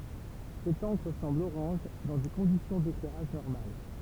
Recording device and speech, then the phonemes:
temple vibration pickup, read sentence
sɛt ɑ̃kʁ sɑ̃bl oʁɑ̃ʒ dɑ̃ de kɔ̃disjɔ̃ deklɛʁaʒ nɔʁmal

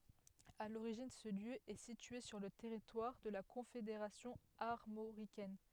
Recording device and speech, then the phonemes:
headset microphone, read sentence
a loʁiʒin sə ljø ɛ sitye syʁ lə tɛʁitwaʁ də la kɔ̃fedeʁasjɔ̃ aʁmoʁikɛn

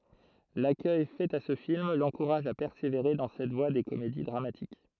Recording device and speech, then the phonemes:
throat microphone, read sentence
lakœj fɛt a sə film lɑ̃kuʁaʒ a pɛʁseveʁe dɑ̃ sɛt vwa de komedi dʁamatik

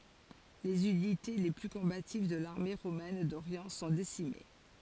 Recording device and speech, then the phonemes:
forehead accelerometer, read sentence
lez ynite le ply kɔ̃bativ də laʁme ʁomɛn doʁjɑ̃ sɔ̃ desime

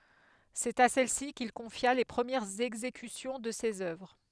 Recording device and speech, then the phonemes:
headset microphone, read sentence
sɛt a sɛlsi kil kɔ̃fja le pʁəmjɛʁz ɛɡzekysjɔ̃ də sez œvʁ

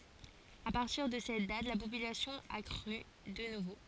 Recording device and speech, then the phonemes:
forehead accelerometer, read sentence
a paʁtiʁ də sɛt dat la popylasjɔ̃ a kʁy də nuvo

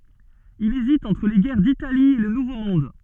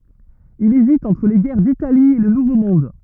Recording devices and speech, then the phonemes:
soft in-ear microphone, rigid in-ear microphone, read sentence
il ezit ɑ̃tʁ le ɡɛʁ ditali e lə nuvo mɔ̃d

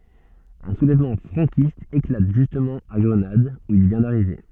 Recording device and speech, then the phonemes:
soft in-ear microphone, read sentence
œ̃ sulɛvmɑ̃ fʁɑ̃kist eklat ʒystmɑ̃ a ɡʁənad u il vjɛ̃ daʁive

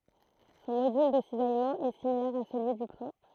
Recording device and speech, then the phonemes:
throat microphone, read sentence
sɔ̃ modyl də sizajmɑ̃ ɛ similɛʁ a səlyi dy plɔ̃

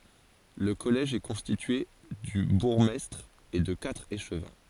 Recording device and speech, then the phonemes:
forehead accelerometer, read sentence
lə kɔlɛʒ ɛ kɔ̃stitye dy buʁɡmɛstʁ e də katʁ eʃvɛ̃

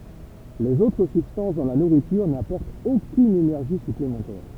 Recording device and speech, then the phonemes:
temple vibration pickup, read sentence
lez otʁ sybstɑ̃s dɑ̃ la nuʁityʁ napɔʁtt okyn enɛʁʒi syplemɑ̃tɛʁ

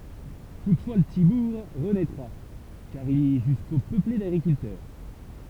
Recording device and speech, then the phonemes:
temple vibration pickup, read sentence
tutfwa lə pəti buʁ ʁənɛtʁa kaʁ il ɛ ʒysko pøple daɡʁikyltœʁ

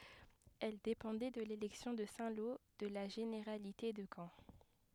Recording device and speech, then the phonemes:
headset microphone, read sentence
ɛl depɑ̃dɛ də lelɛksjɔ̃ də sɛ̃ lo də la ʒeneʁalite də kɑ̃

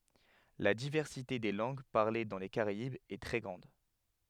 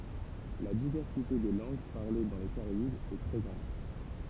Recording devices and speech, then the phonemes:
headset microphone, temple vibration pickup, read sentence
la divɛʁsite de lɑ̃ɡ paʁle dɑ̃ le kaʁaibz ɛ tʁɛ ɡʁɑ̃d

